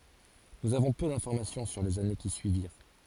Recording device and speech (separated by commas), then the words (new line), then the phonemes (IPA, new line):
forehead accelerometer, read sentence
Nous avons peu d’information sur les années qui suivirent.
nuz avɔ̃ pø dɛ̃fɔʁmasjɔ̃ syʁ lez ane ki syiviʁ